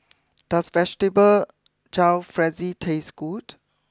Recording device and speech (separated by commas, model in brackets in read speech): close-talking microphone (WH20), read sentence